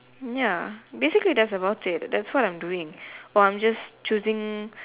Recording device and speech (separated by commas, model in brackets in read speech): telephone, conversation in separate rooms